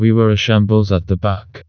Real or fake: fake